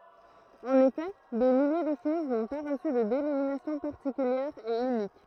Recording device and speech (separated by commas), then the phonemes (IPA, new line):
throat microphone, read sentence
ɑ̃n efɛ de milje də ʃoz nɔ̃ pa ʁəsy də denominasjɔ̃ paʁtikyljɛʁ e ynik